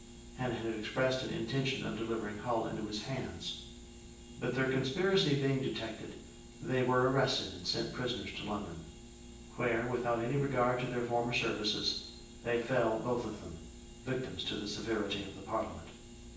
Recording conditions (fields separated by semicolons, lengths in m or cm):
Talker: one person; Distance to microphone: 9.8 m; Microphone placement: far; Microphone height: 1.8 m; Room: large; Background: none